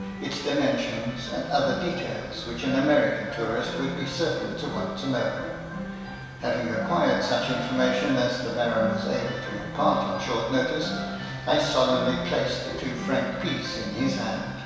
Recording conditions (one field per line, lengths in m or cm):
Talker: one person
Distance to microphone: 1.7 m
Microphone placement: close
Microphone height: 1.0 m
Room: very reverberant, large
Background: music